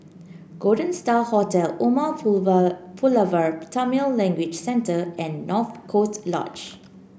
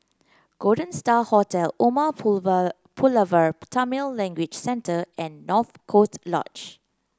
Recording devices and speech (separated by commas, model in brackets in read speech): boundary microphone (BM630), close-talking microphone (WH30), read sentence